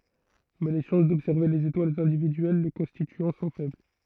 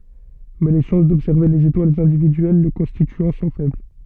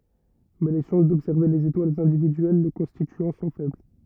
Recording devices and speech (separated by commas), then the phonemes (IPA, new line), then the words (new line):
throat microphone, soft in-ear microphone, rigid in-ear microphone, read sentence
mɛ le ʃɑ̃s dɔbsɛʁve lez etwalz ɛ̃dividyɛl lə kɔ̃stityɑ̃ sɔ̃ fɛbl
Mais les chances d'observer les étoiles individuelles le constituant sont faibles.